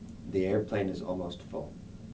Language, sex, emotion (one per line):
English
male
neutral